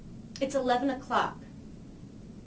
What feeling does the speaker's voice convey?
neutral